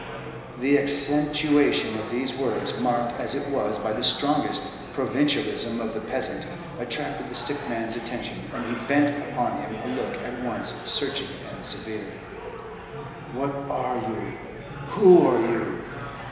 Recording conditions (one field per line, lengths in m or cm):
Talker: one person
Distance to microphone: 1.7 m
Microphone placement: close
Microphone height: 1.0 m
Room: very reverberant, large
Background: babble